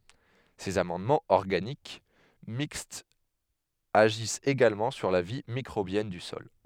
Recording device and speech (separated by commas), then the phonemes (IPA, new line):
headset microphone, read sentence
sez amɑ̃dmɑ̃z ɔʁɡanik mikstz aʒist eɡalmɑ̃ syʁ la vi mikʁobjɛn dy sɔl